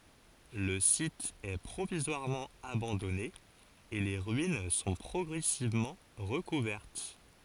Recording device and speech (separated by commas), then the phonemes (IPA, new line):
forehead accelerometer, read sentence
lə sit ɛ pʁovizwaʁmɑ̃ abɑ̃dɔne e le ʁyin sɔ̃ pʁɔɡʁɛsivmɑ̃ ʁəkuvɛʁt